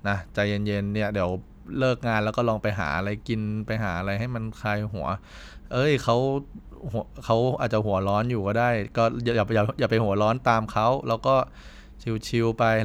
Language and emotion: Thai, neutral